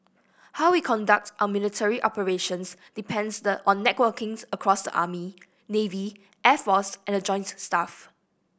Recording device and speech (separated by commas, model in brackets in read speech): boundary microphone (BM630), read sentence